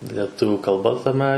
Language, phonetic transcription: Lithuanian, leˈtuvių kalˈba taˈme

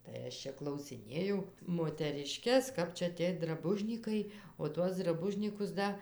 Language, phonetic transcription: Lithuanian, tai ˈaš čia klausiˈnėjau moteriˈškes ˈkap čia ˈtiej draˈbužnykai o ˈtuos draˈbužnykus ˈda

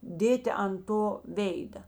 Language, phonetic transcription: Lithuanian, ˈdėti an ˈto ˈvėida

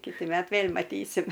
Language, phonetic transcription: Lithuanian, ˈkiti ˈmet ˈvėl' maˈtysim

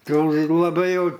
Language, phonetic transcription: Lithuanian, ˈtoks laˈbai ˈjau

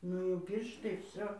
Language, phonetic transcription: Lithuanian, ˈnu jau ˈpyrštai ˈvsio

